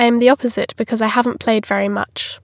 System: none